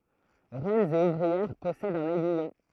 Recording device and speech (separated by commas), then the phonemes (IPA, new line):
throat microphone, read sentence
ʁɛnz e uvʁiɛʁ pɔsɛdt œ̃n ɛɡyijɔ̃